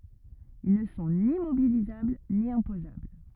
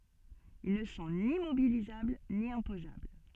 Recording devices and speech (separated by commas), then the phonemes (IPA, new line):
rigid in-ear microphone, soft in-ear microphone, read sentence
il nə sɔ̃ ni mobilizabl ni ɛ̃pozabl